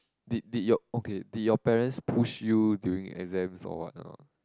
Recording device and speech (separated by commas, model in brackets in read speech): close-talking microphone, conversation in the same room